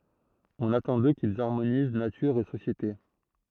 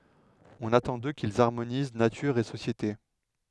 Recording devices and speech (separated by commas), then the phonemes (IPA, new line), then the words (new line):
throat microphone, headset microphone, read sentence
ɔ̃n atɑ̃ dø kilz aʁmoniz natyʁ e sosjete
On attend d'eux qu'ils harmonisent nature et société.